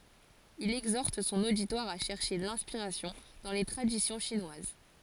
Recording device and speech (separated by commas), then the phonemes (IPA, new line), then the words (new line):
forehead accelerometer, read sentence
il ɛɡzɔʁt sɔ̃n oditwaʁ a ʃɛʁʃe lɛ̃spiʁasjɔ̃ dɑ̃ le tʁadisjɔ̃ ʃinwaz
Il exhorte son auditoire à chercher l'inspiration dans les traditions chinoises.